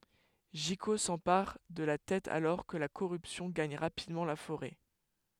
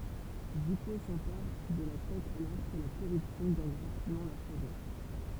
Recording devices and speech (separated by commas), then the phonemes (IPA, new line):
headset microphone, temple vibration pickup, read sentence
ʒiko sɑ̃paʁ də la tɛt alɔʁ kə la koʁypsjɔ̃ ɡaɲ ʁapidmɑ̃ la foʁɛ